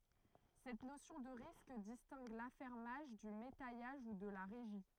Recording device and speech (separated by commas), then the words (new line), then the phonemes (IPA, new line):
throat microphone, read sentence
Cette notion de risque distingue l'affermage du métayage ou de la régie.
sɛt nosjɔ̃ də ʁisk distɛ̃ɡ lafɛʁmaʒ dy metɛjaʒ u də la ʁeʒi